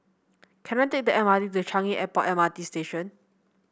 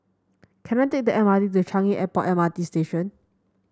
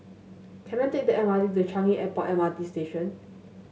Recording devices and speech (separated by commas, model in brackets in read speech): boundary microphone (BM630), standing microphone (AKG C214), mobile phone (Samsung S8), read sentence